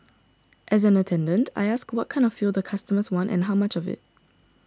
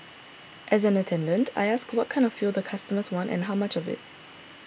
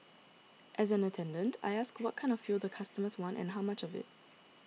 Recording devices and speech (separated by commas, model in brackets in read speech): standing microphone (AKG C214), boundary microphone (BM630), mobile phone (iPhone 6), read sentence